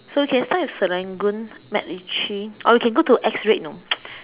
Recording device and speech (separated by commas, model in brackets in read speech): telephone, conversation in separate rooms